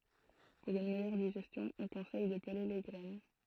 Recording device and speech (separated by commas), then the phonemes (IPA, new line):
throat microphone, read sentence
puʁ yn mɛjœʁ diʒɛstjɔ̃ ɔ̃ kɔ̃sɛj də pəle le ɡʁɛn